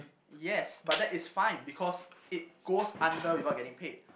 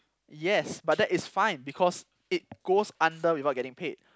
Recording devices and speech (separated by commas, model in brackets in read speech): boundary microphone, close-talking microphone, conversation in the same room